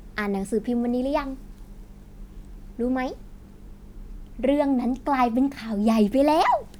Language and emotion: Thai, happy